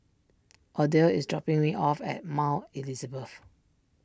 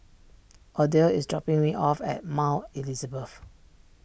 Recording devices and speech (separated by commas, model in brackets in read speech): standing microphone (AKG C214), boundary microphone (BM630), read sentence